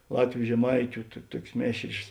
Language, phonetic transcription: Lithuanian, ˈlatviu žeˈmaitiu tu ˈtuokės ˈmėšrės

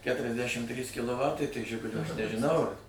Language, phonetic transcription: Lithuanian, ˈketresdæšim ˈtrys kiloˈvatai tai ˈžigulio aš nežiˈnau ar

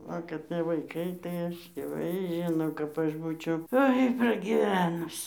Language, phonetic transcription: Lithuanian, ˈva kad ˈtie vaiˈkai tai ˈaš dieˈvai ˈžino kap ˈaš ˈbūčiau ˈoi pragiˈvenus

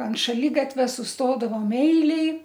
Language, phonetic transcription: Lithuanian, ant šaˈligatvia susˈtodavom ˈeilėj

